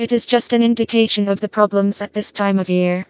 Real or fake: fake